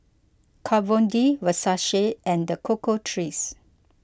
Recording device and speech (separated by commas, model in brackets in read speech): close-talking microphone (WH20), read sentence